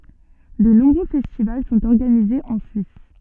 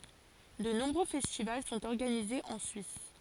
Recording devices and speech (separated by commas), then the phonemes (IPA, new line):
soft in-ear microphone, forehead accelerometer, read sentence
də nɔ̃bʁø fɛstival sɔ̃t ɔʁɡanizez ɑ̃ syis